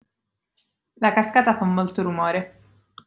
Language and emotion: Italian, neutral